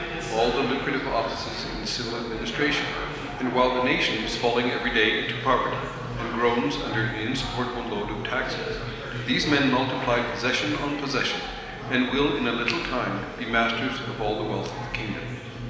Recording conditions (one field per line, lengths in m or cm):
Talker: one person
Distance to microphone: 1.7 m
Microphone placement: close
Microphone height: 1.0 m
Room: very reverberant, large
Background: babble